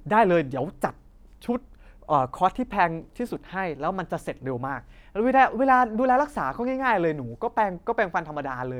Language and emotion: Thai, happy